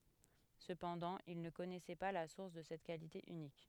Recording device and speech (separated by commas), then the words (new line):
headset microphone, read sentence
Cependant, il ne connaissait pas la source de cette qualité unique.